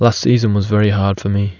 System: none